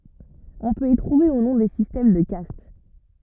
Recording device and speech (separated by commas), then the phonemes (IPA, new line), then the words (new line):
rigid in-ear microphone, read sentence
ɔ̃ pøt i tʁuve u nɔ̃ de sistɛm də kast
On peut y trouver, ou non, des systèmes de castes.